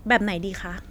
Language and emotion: Thai, happy